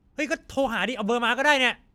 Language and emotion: Thai, angry